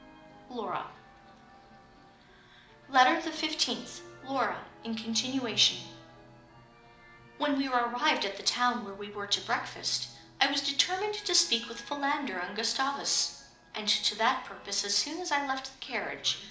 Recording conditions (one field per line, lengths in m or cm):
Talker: one person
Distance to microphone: 2.0 m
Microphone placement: close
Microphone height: 99 cm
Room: medium-sized (5.7 m by 4.0 m)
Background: television